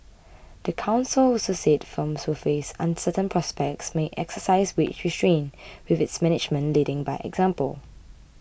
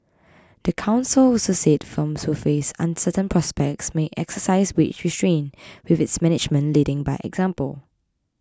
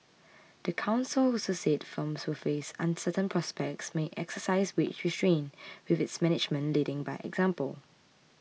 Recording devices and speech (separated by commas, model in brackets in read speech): boundary microphone (BM630), close-talking microphone (WH20), mobile phone (iPhone 6), read sentence